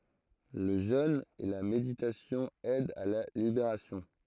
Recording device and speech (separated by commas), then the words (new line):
throat microphone, read sentence
Le jeûne et la méditation aident à la libération.